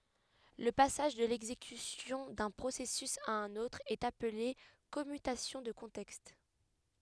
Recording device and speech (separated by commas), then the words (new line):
headset microphone, read sentence
Le passage de l’exécution d’un processus à un autre est appelé commutation de contexte.